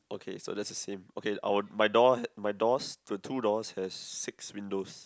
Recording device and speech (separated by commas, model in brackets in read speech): close-talking microphone, conversation in the same room